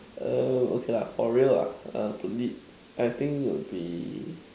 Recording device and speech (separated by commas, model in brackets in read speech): standing microphone, conversation in separate rooms